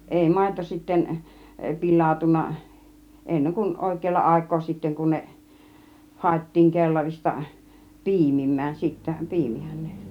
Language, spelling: Finnish, ei maito sitten pilaantunut ennen kuin oikealla aikaa sitten kun ne haettiin kellarista piimimään sitten piimihän ne
- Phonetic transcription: 'èi 'màito sitten , "pil̆làutunna , 'enneŋ kun 'òik̆keella 'àik̆koo sitteŋ kun 'ne , "hài̬ttiiŋ 'kellarista , "pi̬imim̆mään , 'sittä , "pi̬imihän ne .

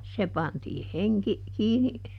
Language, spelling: Finnish, se pantiin henki kiinni
- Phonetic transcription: se ˈpantiih "heŋki , ˈkiini ,.

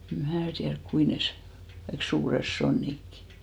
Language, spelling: Finnish, en minä tiedä kuinka ne - kaikki suuret sonnitkin
- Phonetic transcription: em 'mää tiärk "kui nes sᵒ- , kaik 'suures "sonnikki .

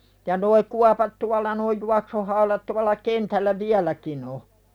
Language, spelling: Finnish, ja nuo kuopat tuolla nuo juoksuhaudat tuolla kentällä vieläkin on
- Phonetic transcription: ja noi 'kuapat tualla noi 'juaksuhaulat tual̆la 'kentällä "viäläkin ‿o .

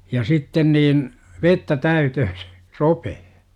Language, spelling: Finnish, ja sitten niin vettä täyteen sen ropeen
- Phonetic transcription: ja 'sitten niin , "vettä 'täytöhö sE , "ropehe .

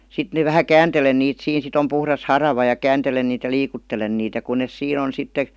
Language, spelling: Finnish, sitten ne vähän kääntelen niitä siinä sitten on puhdas harava ja kääntelen niitä ja liikuttelen niitä ja kun ne siinä on sitten
- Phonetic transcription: 'sit ne vähä "kääntelen niit 'siin sit ‿om puhras "harava ja 'kääntelen niit ja 'liikuttelen niit ja kun nes 'siin ‿on̬ sitte ,.

